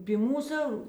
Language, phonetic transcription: Lithuanian, py ˈmūsu

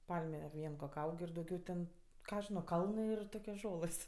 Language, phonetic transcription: Lithuanian, ˈpalme ˈvien kok' ˈaug ir dauˈgiau ten ˈką aš ˈžino ˈkalnɜ ir ˈtokios ˈžolɘs

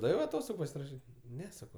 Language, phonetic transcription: Lithuanian, ˈdaviau aˈtostogu pasiraˈšyt' ˈne ˈsako

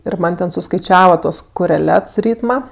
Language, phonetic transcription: Lithuanian, ir ˈman' ten suskaiˈčiava ˈtuos koreˈlets ˈrytma

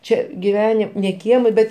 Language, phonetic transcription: Lithuanian, ˈčia giˈveni ne ˈkieme ˈbet

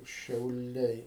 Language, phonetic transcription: Lithuanian, šiauˈliai

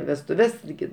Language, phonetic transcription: Lithuanian, vestuˈves tiˈgi

